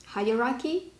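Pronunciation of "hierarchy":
'Hierarchy' is said the British way. The stress is on the first syllable, 'hi', and then comes 'ra' with a long a, and then 'ki'.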